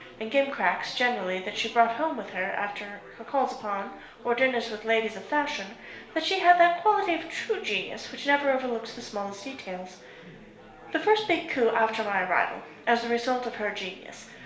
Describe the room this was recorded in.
A small space (about 3.7 m by 2.7 m).